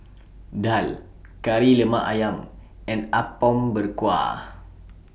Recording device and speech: boundary microphone (BM630), read sentence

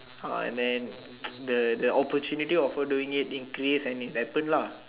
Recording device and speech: telephone, conversation in separate rooms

